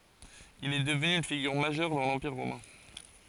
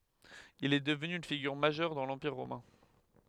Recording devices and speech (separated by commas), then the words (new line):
forehead accelerometer, headset microphone, read sentence
Il est devenu une figure majeure dans l'Empire romain.